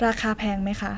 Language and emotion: Thai, neutral